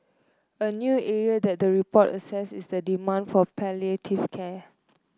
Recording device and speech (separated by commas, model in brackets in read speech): close-talking microphone (WH30), read sentence